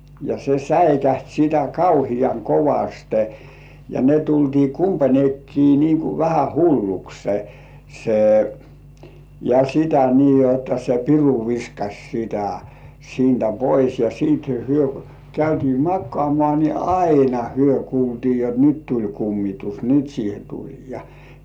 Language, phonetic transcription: Finnish, ja 'se "säikäht sitä 'kauhiaŋ "kovaste , ja 'ne tultii "kumpańekkii niiŋ ku 'vähä "hullukse , se , ja 'sitä nii jotta se "piru viskaś 'sitä , 'siintä "pois ja siit 'hyö käytii "makkŏàmŏà ni "aina hyö 'kuultii jot 'nyt tuĺ kummitus , "nyt siihe 'tuĺ ja .
- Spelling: ja se säikähti sitä kauhean kovasti ja ne tultiin kumpainenkin niin kuin vähän hulluksi se ja sitä niin jotta se piru viskasi sitä siitä pois ja sitten he käytiin makaamaan niin aina he kuultiin jotta nyt tuli kummitus nyt siihen tuli ja

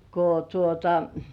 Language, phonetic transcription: Finnish, ko tuota .
- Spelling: kun tuota

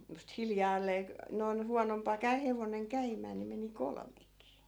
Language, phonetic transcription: Finnish, (ku sit) 'hiljaallee k(o)- , noi̮n 'huanompa 'käy- , hevoneŋ 'käimää ni meni "kolmekii .
- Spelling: kun sitten hiljalleen - noin huonompaa - hevonen käymään niin meni kolmekin

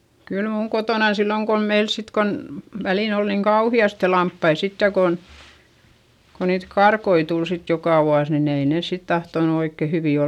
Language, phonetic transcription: Finnish, kyl muuŋ kotònan silloŋ kom meil sit kon , välìn ‿ol niiŋ kauhi₍aste lamppai sitte kon , ko niit karkoi tul sit jokà vuas nin ‿ei nès sit tahtonu oikke hyvì ol .
- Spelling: kyllä minun kotonani silloin kun meillä sitten kun väliin oli niin kauheasti lampaita sitten kun kun niitä karkkoja tuli sitten joka vuosi niin ei ne sitten tahtonut oikein hyviä olla

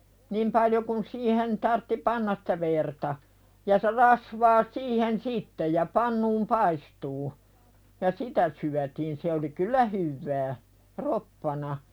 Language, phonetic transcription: Finnish, 'nim paljo kun siihen , tartti "pannas sᴵtä verta , ja se 'rasvaa siihen "sitte ja "pannuum 'paistuu , ja "sitä syätiin se oli "kyl̆lä hyvvää , "roppana .
- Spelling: niin paljon kuin siihen tarvitsi panna sitä verta ja se rasvaa siihen sitten ja pannuun paistumaan ja sitä syötiin se oli kyllä hyvää roppana

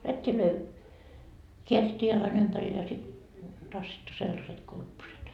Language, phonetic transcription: Finnish, 'rät́t́ilöi , "keärittii 'jalan ympäril ja sit , 'tassittu sellaset "kurpposet .
- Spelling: rättejä käärittiin jalan ympärille ja sitten tassittu sellaiset kurpposet

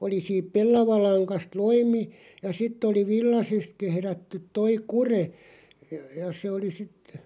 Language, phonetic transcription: Finnish, 'oli siip 'pellavalaŋkast "loimi ja 'sitt ‿oli 'villasest 'kehrättyᵗ 'toi "kure , ja 'se oli sit ,.
- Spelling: oli siitä pellavalangasta loimi ja sitten oli villaisesta kehrätty tuo kude ja se oli sitten

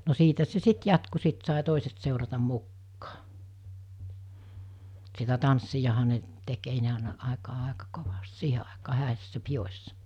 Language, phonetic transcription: Finnish, no 'siitä se "sit jatku sit sài 'tòiset sèuratam̆ 'mukkaa , sitä 'tanssijaha ne , tek ei ne àena , 'àekaa 'àeka 'kovast "siihe àekaa 'hä̀essä 'pijos̜sa .
- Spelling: no siitä se sitten jatkui sitten sai toiset seurata mukaan sitä tanssiahan ne teki ei ennen aina aikaan aika kovasti siihen aikaan häissä pidoissa

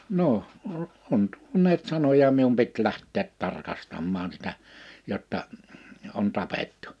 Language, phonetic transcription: Finnish, » 'noh , o- , on 'tuoǹeet 'sanoja mium pit 'lähtteet 'tarkasammaan sitä , jotta , on 'tapettᴜ . «
- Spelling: no - on tuoneet sanoja minun piti lähteä tarkastamaan sitä jotta on tapettu

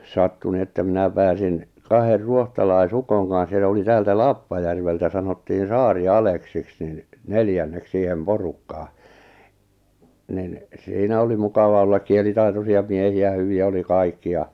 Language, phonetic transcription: Finnish, 'sattu nⁱ että mⁱnä 'pääsin , 'kaher 'ruohtalai'sukoŋ kaa̰s ja (s)e oli 'täältä "Lappajärveltä sanottiin̬ "Saari₍"Aleksiks nin , 'neljännek siihem 'porukkaa , nin , 'siinä oli 'mukava ollak 'kielitaitosi₍a 'miehi₍ä 'hyvi₍ä oli 'kaikki ja ,.
- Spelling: sattui no että minä pääsin kahden ruotsalaisukon kanssa ja se oli täältä Lappajärveltä sanottiin Saari-Aleksiksi niin neljänneksi siihen porukkaan niin siinä oli mukava olla kielitaitoisia miehiä hyviä oli kaikki ja

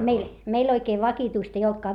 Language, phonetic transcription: Finnish, meil , meil oikee vakituist ‿ei oltkaa .
- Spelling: meillä meillä oikein vakituista ei ollutkaan

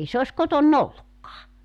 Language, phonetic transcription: Finnish, 'ei se os 'koton"n ‿ollukkaa .
- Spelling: ei se ole kotona ollutkaan

